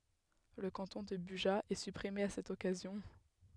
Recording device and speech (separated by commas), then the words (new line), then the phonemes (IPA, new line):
headset microphone, read sentence
Le canton de Bugeat est supprimé à cette occasion.
lə kɑ̃tɔ̃ də byʒa ɛ sypʁime a sɛt ɔkazjɔ̃